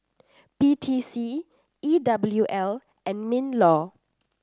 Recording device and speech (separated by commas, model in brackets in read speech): standing microphone (AKG C214), read sentence